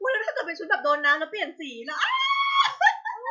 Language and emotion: Thai, happy